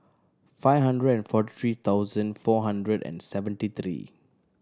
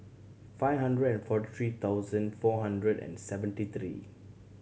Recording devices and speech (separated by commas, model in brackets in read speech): standing microphone (AKG C214), mobile phone (Samsung C7100), read sentence